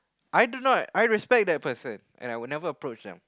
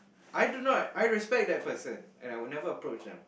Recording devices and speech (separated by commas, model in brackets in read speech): close-talking microphone, boundary microphone, conversation in the same room